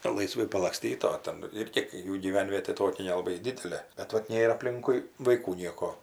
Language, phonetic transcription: Lithuanian, laiˈsvai palakˈstyt o ˈten ˈirgi ˈjų gyˈvenvietė ˈtokia nelaˈbai ˈdidelė bet ˈvat ˈnėr apˈlinkui vaiˈkų ˈnieko

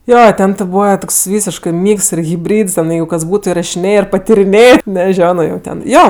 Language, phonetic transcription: Lithuanian, ˈjo ˈten ti ˈbūva ˈtoks ˈvysiškɜ ˈmyks ir hibˈryds ˈten ˈjeigu kas ˈbūtu irašiˈnėjė ir patiriˈnėjė neˈžiono jau ˈten ˈjo

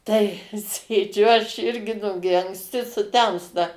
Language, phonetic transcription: Lithuanian, tai ˈsėdžiu ˈaš ˈirgi ˈnugi anksˈti suˈtemsta

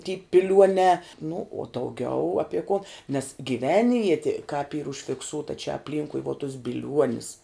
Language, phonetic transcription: Lithuanian, ty piˈliuonē nu uo dauˈgiau ˈapie kon nes gyˈvenvieti kāp yr užfikˈsūta čia apˈlynkui vuo tus bilˈiuonis

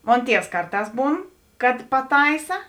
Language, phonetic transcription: Lithuanian, ˈmon ˈtievs ˈkarˌtās ˈbūn kad paˈtaisa

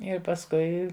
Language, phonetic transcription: Lithuanian, ir pasˈkui

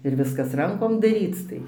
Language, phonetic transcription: Lithuanian, ir ˈviskas ˈrankom daˈryc tai

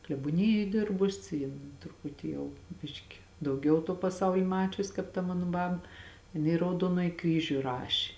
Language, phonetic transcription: Lithuanian, klebuoˈnijoj ˈdirbus ˈjin truˈputi ˈjau ˈbiški dauˈgiau tuo paˈsauli ˈmačius kāp ta ˈmanu ˈbab jiˈnai i rauˈduonoji ˈkryžiu ˈrašė

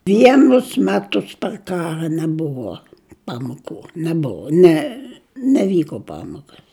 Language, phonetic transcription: Lithuanian, ˈvienus ˈmetus par ˈkara neˈbuvo ˈpamoku neˈbuvo ˈne neˈvyko ˈpamokas

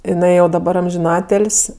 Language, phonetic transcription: Lithuanian, jiˈnai jau daˈbar amžiˈnatėl's'

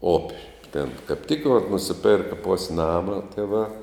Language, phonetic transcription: Lithuanian, ˈop' tėn kap ˈtik vat nusiˈperka ˈpus' ˈnama ˈtieˌvā

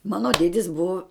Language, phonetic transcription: Lithuanian, ˈmano ˈdėdis ˈbuvo

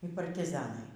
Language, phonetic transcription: Lithuanian, y partiˈzanai

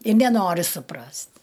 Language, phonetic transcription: Lithuanian, i neˈnori suˈprast'

